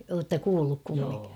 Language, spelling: Finnish, olette kuullut kumminkin
- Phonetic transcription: ootta 'kuulluk kummiŋki ?

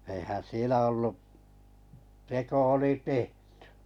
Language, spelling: Finnish, eihän siellä ollut teko oli tehty
- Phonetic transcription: eihän 'sielä 'ollu , 'teko oli "tehtʏ .

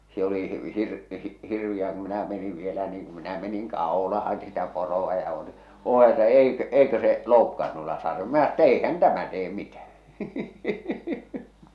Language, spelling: Finnish, se oli - hirveää kun minä menin vielä niin kun minä menin kaulaan sitä poroa ja oli oli että eikö eikö se loukkaa noilla - minä että eihän tämä tee mitään
- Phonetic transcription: se oli hir- 'hirviʲää ku minä meniv vielä niiŋ kum minä meniŋ 'kàolahan sitä poro₍a ja ᵒˡⁱ , » 'oo että 'eikᵒ̈ , 'eikö se , 'loukkaan nuilla sar- « , minä ‿ttä » 'eihän 'tämä 'tee 'mitähᴀ̈ « .

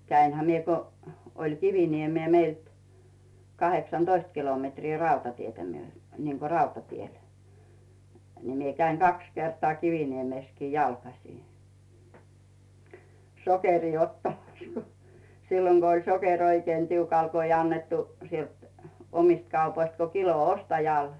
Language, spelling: Finnish, kävinhän minä kun oli Kiviniemeen meiltä kahdeksantoista kilometriä rautatietä - niin kuin rautatiellä niin minä kävin kaksi kertaa Kiviniemessäkin jalkaisin sokeria ottamassa kun silloin kun oli sokeri oikein tiukalla kun ei annettu sieltä omista kaupoista kuin kilo ostajalle
- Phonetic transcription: 'käinhä 'mie ko , oĺ 'Kiviniemee meilt , 'kaheksan"Doist kilometrii rautatietä myö- , niiŋko 'rautatiel , ni 'mie käiŋ "kaks 'kertᵒà "Kiviniemèskii jalkasì , 'sokerii 'ottamas ko , 'silloŋ Go oĺ 'sokeŕ oikⁱèn 'tiukal ko ‿ij ‿annettu , sielt , 'omist kaupoist ko "kilo 'ostajàl .

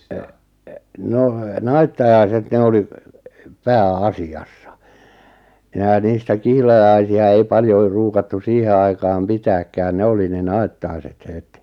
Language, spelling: Finnish, en en no naittajaiset ne oli pääasiassa minä niistä kihlajaisia ei paljon ruukattu siihen aikaan pitääkään ne oli ne naittaiset heti
- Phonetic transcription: e , e , 'nò , "naittajaiset 'ne oli , "pää₍'asi₍'assᴀ , 'minä 'niistä "kihlajaisi₍a ei 'paljoi 'ruukattu 'siihe aikaam "pitääkkään 'ne oli ne 'nai̬ttai̬set 'het .

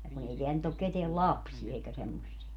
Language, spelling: Finnish, ja kun ei täällä nyt ole ketään lapsia eikä semmoisia
- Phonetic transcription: ja kun ‿ei 'teäl nyt ‿ok 'keteäl "lapsie eikä 'semmossie .

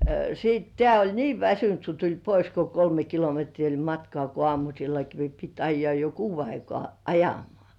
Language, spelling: Finnish, sitten tämä oli niin väsynyt kun tuli pois kun kolme kilometriä oli matkaa kun aamusillakin piti ajaa jo kuuden aikaan ajamaan
- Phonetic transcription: sit 'tĕä̀ oĺ "nii 'väsynt ku tuĺ 'pois ko 'kolme kilometrii oĺ "matkŏà ko 'ŏàmusillaki pit 'ajjŏà jo "kuuv̆ve aikŏà "ajam̆mŏ§à .

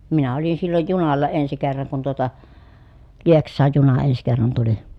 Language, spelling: Finnish, minä olin silloin junalla ensi kerran kun tuota Lieksaan juna ensi kerran tuli
- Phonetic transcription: minä olin silloj junalla ensi kerraŋ kun tuota , Lieks̆saaj juna ens kerran tuli .

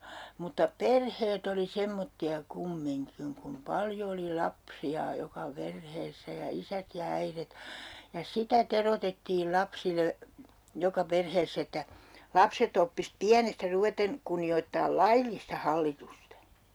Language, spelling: Finnish, mutta perheet oli semmoisia kumminkin kun paljon oli lapsia joka perheessä ja isät ja äidit ja sitä teroitettiin lapsille joka perheessä että lapset oppisi pienestä ruveten kunnioittamaan laillista hallitusta
- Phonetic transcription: mutta "perheet ‿oli 'semmotti₍a 'kummiŋkiŋ kum "paljo oli 'lapsi₍a 'joka 'perheessä ja 'isät ja 'äiret , ja 'sitä 'terotettiil 'lapsile , 'joka "perheess ‿että , 'lapset ‿oppis 'piänestä 'ruveten , kunni₍oittaal "laillista 'hallitusta .

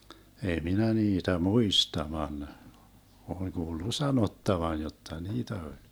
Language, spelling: Finnish, ei minä niitä muista vaan olen kuullut sanottavan jotta niitä oli
- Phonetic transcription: 'ei 'minä 'niitä "muista van , oleŋ 'Guullu "sanottavan̬ 'jotta "niitä 'oĺ .

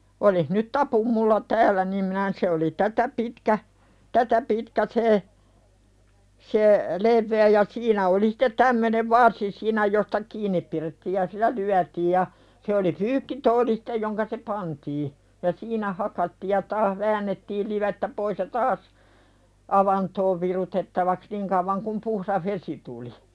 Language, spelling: Finnish, olisi nyt tapuin minulla täällä niin minä - se oli tätä pitkä tätä pitkä se se leveä ja siinä oli sitten tämmöinen varsi siinä josta kiinni pidettiin ja sillä lyötiin ja se oli pyykkituoli sitten jonka se pantiin ja siinä hakattiin ja taas väännettiin livettä pois ja taas avantoon virutettavaksi niin kauan kuin puhdas vesi tuli
- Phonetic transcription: olih nyt "tapum mulla 'tääl̆lä nim minä n- se oli "tätä pitkä , "tätä pitkä se , se , "levve₍ä ja 'siinä oli sᴵtet "tämmönev 'varsi siinä josta "kiiǹip pirettiij ja sil̆lä "lyätiij ja , se oli "pyykkitooli sɪte joŋka se "pantii , ja "siinä 'hakattiij ja taah "väännettiil livettä pois ja "taas , "avantoov virutettavaks 'niŋ kauvaŋ kum puhðah "vesi tuli .

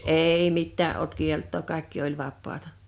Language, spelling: Finnish, ei mitään ollut kieltoa kaikki oli vapaata
- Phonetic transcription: èi 'mittää ’olt 'kielt̆too 'kàekki oĺ 'vappaata .

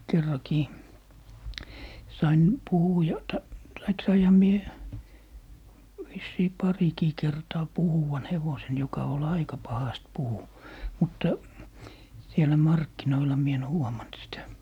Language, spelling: Finnish, kerrankin sain - - tai sainhan minä vissiin parikin kertaa puhuvan hevosen joka oli aika pahasti puhui mutta siellä markkinoilla minä en huomannut sitä
- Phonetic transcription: 'kerrakii , 'sain , "puhuja- , ta- , taik 'saiha 'mie , vissii 'parikii kertaa 'puhuwan 'hevosen joka ol "aika 'pahast "puhu , 'mutta , 'sielä "markkinoila mie en 'huomant sitä .

